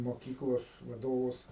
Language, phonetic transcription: Lithuanian, moˈkyklos vaˈdovus

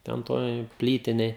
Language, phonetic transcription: Lithuanian, ˈten ˈtoj ˈplytinėj

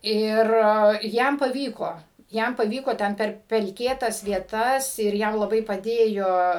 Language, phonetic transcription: Lithuanian, ˈir ˈjam paˈvyko ˈjam paˈvyko ˈten ˈper pelˈkėtas vieˈtas ir ˈjam laˈbai paˈdėjo

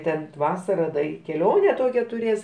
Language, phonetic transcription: Lithuanian, ˈten ˈtvasara da i keˈlione ˈtokią tuˈrės

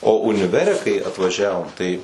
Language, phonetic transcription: Lithuanian, o uniˈvere kai atvaˈžiavom tai

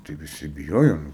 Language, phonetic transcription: Lithuanian, tai viˈsi biˈjojom

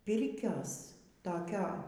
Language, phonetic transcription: Lithuanian, ˈpirkios toˈkio

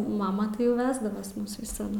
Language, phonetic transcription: Lithuanian, ˈmama tai jau ˈvesdavas ˈmus visaˈdu

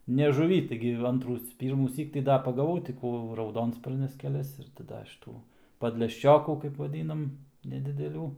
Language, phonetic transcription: Lithuanian, ne žuˈvy ˈtaigi ˈantrų ˈpyrmųsyk tai ˈda pagaˈvau ti ˈkų rauˈdonsparnes keˈlias ir tai ˈda šyˈtų padlešˈčiokų kaip vaˈdynam nedideˈlių

